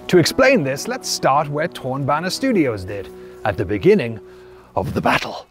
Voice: knightly voice